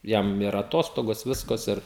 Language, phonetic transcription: Lithuanian, ˈjam ir aˈtostogos ˈviskas ir

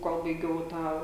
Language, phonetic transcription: Lithuanian, ˈkol baiˈgiau ˈtą

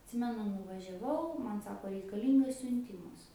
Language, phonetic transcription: Lithuanian, atˈsimenu nuvažiaˈvau man ˈsako reikaˈlyngas siunˈtimas

